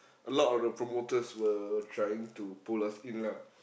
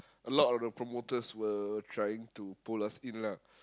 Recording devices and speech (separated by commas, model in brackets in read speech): boundary microphone, close-talking microphone, conversation in the same room